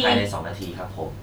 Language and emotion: Thai, neutral